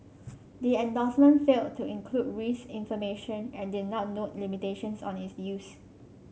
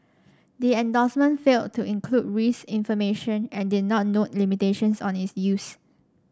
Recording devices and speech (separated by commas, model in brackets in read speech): mobile phone (Samsung C5), standing microphone (AKG C214), read sentence